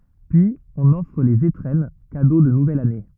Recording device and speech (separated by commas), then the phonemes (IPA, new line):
rigid in-ear microphone, read sentence
pyiz ɔ̃n ɔfʁ lez etʁɛn kado də nuvɛl ane